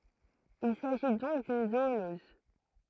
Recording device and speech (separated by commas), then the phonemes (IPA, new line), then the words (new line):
throat microphone, read sentence
il saʒi dɔ̃k dyn zoonɔz
Il s'agit donc d'une zoonose.